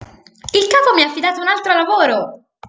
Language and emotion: Italian, happy